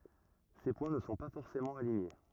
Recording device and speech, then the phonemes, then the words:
rigid in-ear microphone, read sentence
se pwɛ̃ nə sɔ̃ pa fɔʁsemɑ̃ aliɲe
Ces points ne sont pas forcément alignés.

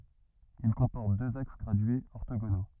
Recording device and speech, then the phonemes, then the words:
rigid in-ear microphone, read sentence
il kɔ̃pɔʁt døz aks ɡʁadyez ɔʁtoɡono
Il comporte deux axes gradués orthogonaux.

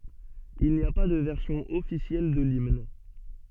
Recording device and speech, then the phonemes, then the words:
soft in-ear microphone, read sentence
il ni a pa də vɛʁsjɔ̃ ɔfisjɛl də limn
Il n'y a pas de version officielle de l'hymne.

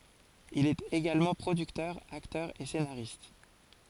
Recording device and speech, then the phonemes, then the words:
forehead accelerometer, read sentence
il ɛt eɡalmɑ̃ pʁodyktœʁ aktœʁ e senaʁist
Il est également producteur, acteur et scénariste.

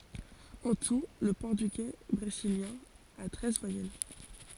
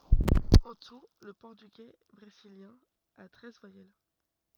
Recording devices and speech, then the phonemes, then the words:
forehead accelerometer, rigid in-ear microphone, read sentence
ɑ̃ tu lə pɔʁtyɡɛ bʁeziljɛ̃ a tʁɛz vwajɛl
En tout, le portugais brésilien a treize voyelles.

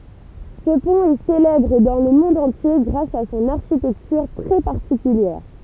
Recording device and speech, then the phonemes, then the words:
temple vibration pickup, read sentence
sə pɔ̃t ɛ selɛbʁ dɑ̃ lə mɔ̃d ɑ̃tje ɡʁas a sɔ̃n aʁʃitɛktyʁ tʁɛ paʁtikyljɛʁ
Ce pont est célèbre dans le monde entier grâce à son architecture très particulière.

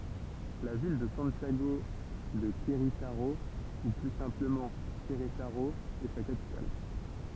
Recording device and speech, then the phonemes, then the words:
temple vibration pickup, read sentence
la vil də sɑ̃tjaɡo də kʁetaʁo u ply sɛ̃pləmɑ̃ kʁetaʁo ɛ sa kapital
La ville de Santiago de Querétaro, ou plus simplement Querétaro, est sa capitale.

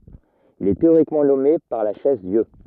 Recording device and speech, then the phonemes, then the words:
rigid in-ear microphone, read sentence
il ɛ teoʁikmɑ̃ nɔme paʁ la ʃɛzdjø
Il est théoriquement nommé par la Chaise-Dieu.

